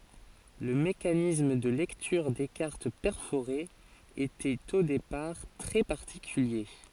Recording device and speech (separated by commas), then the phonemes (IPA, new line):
forehead accelerometer, read sentence
lə mekanism də lɛktyʁ de kaʁt pɛʁfoʁez etɛt o depaʁ tʁɛ paʁtikylje